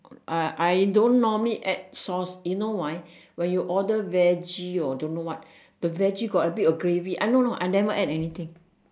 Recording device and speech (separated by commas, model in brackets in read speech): standing microphone, conversation in separate rooms